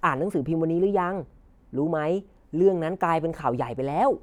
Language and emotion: Thai, neutral